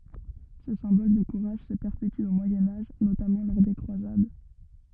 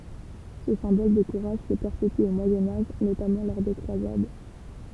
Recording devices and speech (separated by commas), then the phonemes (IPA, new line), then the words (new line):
rigid in-ear microphone, temple vibration pickup, read sentence
sə sɛ̃bɔl də kuʁaʒ sə pɛʁpety o mwajɛ̃ aʒ notamɑ̃ lɔʁ de kʁwazad
Ce symbole de courage se perpétue au Moyen Âge, notamment lors des Croisades.